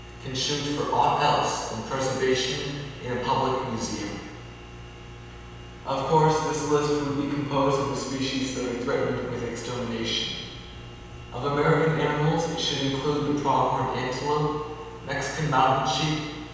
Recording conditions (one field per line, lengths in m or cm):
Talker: one person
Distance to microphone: 7.1 m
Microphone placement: far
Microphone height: 1.7 m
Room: very reverberant, large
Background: none